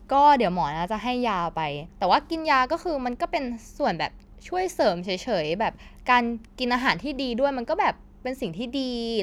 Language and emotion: Thai, neutral